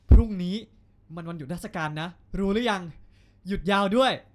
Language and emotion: Thai, happy